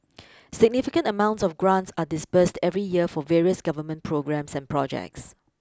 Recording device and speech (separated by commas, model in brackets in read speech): close-talking microphone (WH20), read sentence